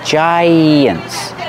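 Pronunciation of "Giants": In 'giants', a y sound links the two vowels, like the y in 'yellow' and 'yes'.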